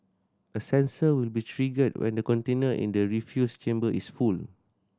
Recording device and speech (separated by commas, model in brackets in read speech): standing microphone (AKG C214), read sentence